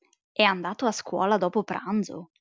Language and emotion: Italian, surprised